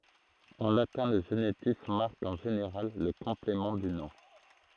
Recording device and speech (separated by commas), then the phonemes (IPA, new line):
throat microphone, read sentence
ɑ̃ latɛ̃ lə ʒenitif maʁk ɑ̃ ʒeneʁal lə kɔ̃plemɑ̃ dy nɔ̃